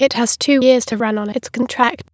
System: TTS, waveform concatenation